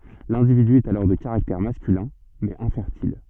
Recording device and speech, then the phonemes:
soft in-ear microphone, read sentence
lɛ̃dividy ɛt alɔʁ də kaʁaktɛʁ maskylɛ̃ mɛz ɛ̃fɛʁtil

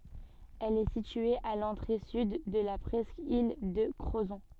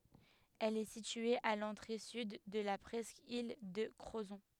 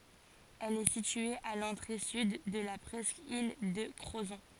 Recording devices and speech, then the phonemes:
soft in-ear microphone, headset microphone, forehead accelerometer, read sentence
ɛl ɛ sitye a lɑ̃tʁe syd də la pʁɛskil də kʁozɔ̃

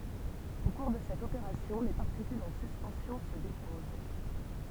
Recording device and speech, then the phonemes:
temple vibration pickup, read sentence
o kuʁ də sɛt opeʁasjɔ̃ le paʁtikylz ɑ̃ syspɑ̃sjɔ̃ sə depoz

